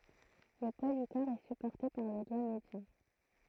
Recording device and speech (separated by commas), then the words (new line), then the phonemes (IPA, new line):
throat microphone, read sentence
Le poids du corps est supporté par le doigt médian.
lə pwa dy kɔʁ ɛ sypɔʁte paʁ lə dwa medjɑ̃